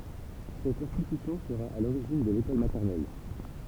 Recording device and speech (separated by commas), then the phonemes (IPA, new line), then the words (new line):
temple vibration pickup, read sentence
sɛt ɛ̃stitysjɔ̃ səʁa a loʁiʒin də lekɔl matɛʁnɛl
Cette institution sera à l’origine de l’école maternelle.